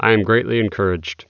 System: none